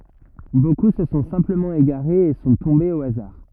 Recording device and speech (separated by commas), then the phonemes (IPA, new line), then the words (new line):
rigid in-ear microphone, read sentence
boku sə sɔ̃ sɛ̃pləmɑ̃ eɡaʁez e sɔ̃ tɔ̃bez o azaʁ
Beaucoup se sont simplement égarés et sont tombés au hasard.